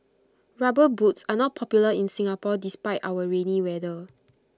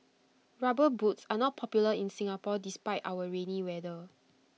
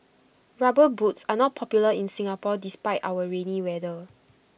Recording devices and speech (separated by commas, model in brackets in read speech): close-talking microphone (WH20), mobile phone (iPhone 6), boundary microphone (BM630), read sentence